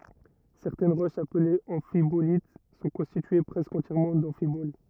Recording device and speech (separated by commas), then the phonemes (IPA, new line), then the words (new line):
rigid in-ear microphone, read sentence
sɛʁtɛn ʁoʃz aplez ɑ̃fibolit sɔ̃ kɔ̃stitye pʁɛskə ɑ̃tjɛʁmɑ̃ dɑ̃fibol
Certaines roches appelées amphibolites sont constituées presque entièrement d'amphiboles.